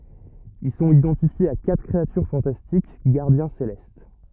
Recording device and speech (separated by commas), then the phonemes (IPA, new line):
rigid in-ear microphone, read sentence
il sɔ̃t idɑ̃tifjez a katʁ kʁeatyʁ fɑ̃tastik ɡaʁdjɛ̃ selɛst